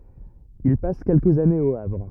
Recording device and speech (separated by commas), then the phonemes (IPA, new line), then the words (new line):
rigid in-ear microphone, read sentence
il pas kɛlkəz anez o avʁ
Il passe quelques années au Havre.